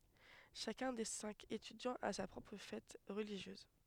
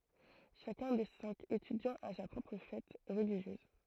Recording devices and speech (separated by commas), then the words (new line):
headset microphone, throat microphone, read sentence
Chacun des cinq étudiants a sa propre fête religieuse.